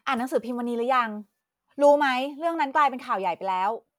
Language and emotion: Thai, neutral